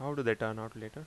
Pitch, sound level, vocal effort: 115 Hz, 84 dB SPL, normal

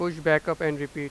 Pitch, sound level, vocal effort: 155 Hz, 94 dB SPL, normal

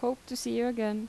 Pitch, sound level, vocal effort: 245 Hz, 82 dB SPL, normal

